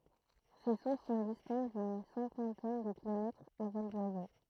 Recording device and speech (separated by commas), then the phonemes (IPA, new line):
throat microphone, read sentence
se suʁs sɔ̃ distɑ̃t dyn sɛ̃kɑ̃tɛn də kilomɛtʁz a vɔl dwazo